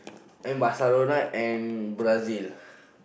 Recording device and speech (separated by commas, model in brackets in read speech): boundary microphone, conversation in the same room